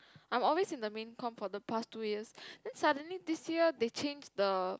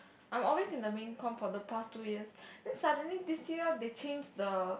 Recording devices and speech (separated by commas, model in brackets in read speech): close-talking microphone, boundary microphone, conversation in the same room